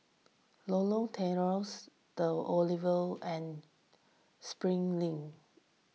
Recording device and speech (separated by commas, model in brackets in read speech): mobile phone (iPhone 6), read sentence